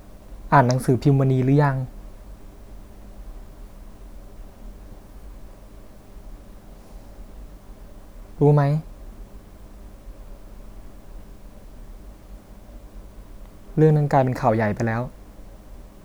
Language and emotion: Thai, sad